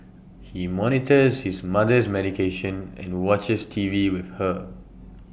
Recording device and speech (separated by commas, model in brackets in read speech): boundary microphone (BM630), read sentence